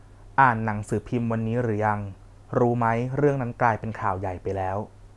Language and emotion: Thai, neutral